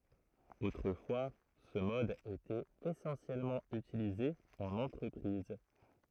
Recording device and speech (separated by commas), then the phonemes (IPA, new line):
throat microphone, read sentence
otʁəfwa sə mɔd etɛt esɑ̃sjɛlmɑ̃ ytilize ɑ̃n ɑ̃tʁəpʁiz